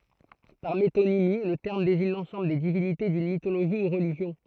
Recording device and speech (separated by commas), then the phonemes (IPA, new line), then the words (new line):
throat microphone, read sentence
paʁ metonimi lə tɛʁm deziɲ lɑ̃sɑ̃bl de divinite dyn mitoloʒi u ʁəliʒjɔ̃
Par métonymie, le terme désigne l'ensemble des divinités d'une mythologie ou religion.